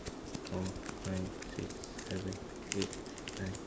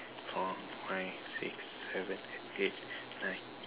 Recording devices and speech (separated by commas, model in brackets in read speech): standing microphone, telephone, conversation in separate rooms